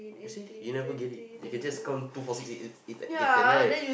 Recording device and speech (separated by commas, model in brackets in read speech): boundary microphone, conversation in the same room